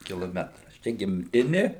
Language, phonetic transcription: Lithuanian, kiloˈmetras ˈčia gimˈtini

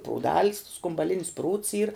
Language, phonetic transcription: Lithuanian, prūˈdal's skumbaˈlinis prūds ˈyr

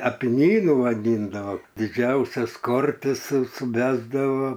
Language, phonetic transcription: Lithuanian, apiˈnynu vaˈdyndava diˈdžiausias ˈkortis su suˈbesdavo

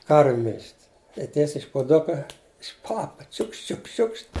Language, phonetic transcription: Lithuanian, ˈkarviu mil'ž't' i ˈtiesiai iš puˈduka iš ˈpapa ˈčiukšt ˈčiukšt ˈčiukšt

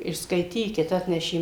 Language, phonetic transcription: Lithuanian, ir skaiˈtykit ˈatnešė

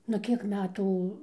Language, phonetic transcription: Lithuanian, nu ˈkiek ˈmetų

